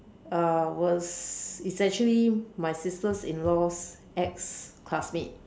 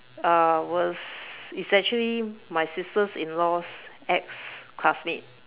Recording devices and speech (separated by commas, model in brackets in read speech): standing microphone, telephone, conversation in separate rooms